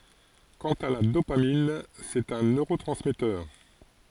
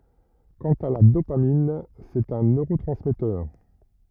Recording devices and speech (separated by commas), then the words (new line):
forehead accelerometer, rigid in-ear microphone, read sentence
Quant à la dopamine, c'est un neurotransmetteur.